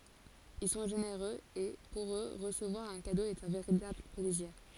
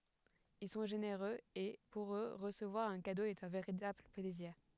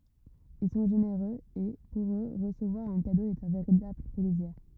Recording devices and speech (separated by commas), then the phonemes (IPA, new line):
forehead accelerometer, headset microphone, rigid in-ear microphone, read sentence
il sɔ̃ ʒeneʁøz e puʁ ø ʁəsəvwaʁ œ̃ kado ɛt œ̃ veʁitabl plɛziʁ